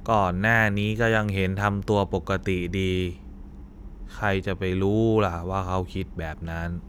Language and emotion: Thai, frustrated